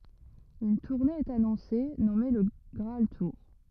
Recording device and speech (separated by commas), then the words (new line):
rigid in-ear microphone, read sentence
Une tournée est annoncée, nommée Le Graal Tour.